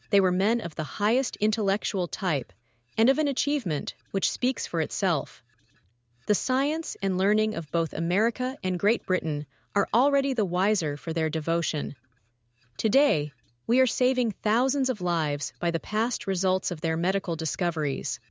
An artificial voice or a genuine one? artificial